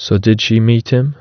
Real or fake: real